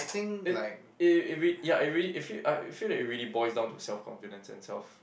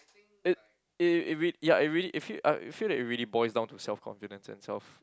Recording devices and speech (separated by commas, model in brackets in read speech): boundary microphone, close-talking microphone, conversation in the same room